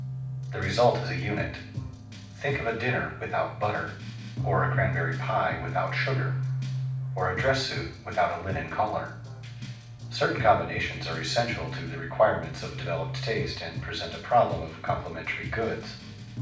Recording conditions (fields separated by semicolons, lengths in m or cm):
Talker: one person; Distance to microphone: 5.8 m; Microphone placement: far; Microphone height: 1.8 m; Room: medium-sized (5.7 m by 4.0 m); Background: music